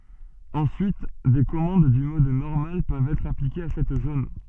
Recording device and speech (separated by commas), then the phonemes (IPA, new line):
soft in-ear microphone, read sentence
ɑ̃syit de kɔmɑ̃d dy mɔd nɔʁmal pøvt ɛtʁ aplikez a sɛt zon